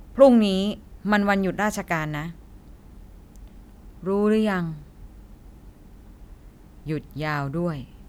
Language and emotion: Thai, frustrated